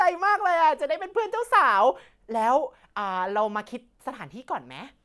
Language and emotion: Thai, happy